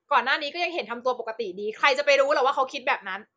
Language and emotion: Thai, angry